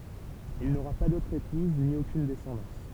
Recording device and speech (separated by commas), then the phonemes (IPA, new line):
temple vibration pickup, read sentence
il noʁa pa dotʁ epuz ni okyn dɛsɑ̃dɑ̃s